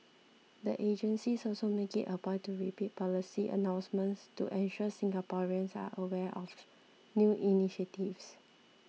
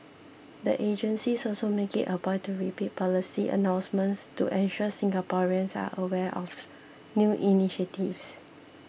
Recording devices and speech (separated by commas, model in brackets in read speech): mobile phone (iPhone 6), boundary microphone (BM630), read sentence